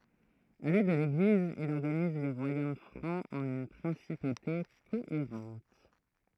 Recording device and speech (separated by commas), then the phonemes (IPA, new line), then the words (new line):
throat microphone, read sentence
avɛk lɛd də leɡliz il ɔʁɡaniz le ʁwajom fʁɑ̃z ɑ̃n yn pʁɛ̃sipote koeʁɑ̃t
Avec l'aide de l'Église, il organise les royaumes francs en une principauté cohérente.